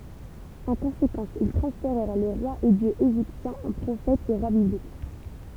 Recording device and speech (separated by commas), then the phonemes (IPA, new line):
temple vibration pickup, read sentence
ɑ̃ kɔ̃sekɑ̃s il tʁɑ̃sfeʁɛʁ le ʁwaz e djøz eʒiptjɛ̃z ɑ̃ pʁofɛtz e ʁwa biblik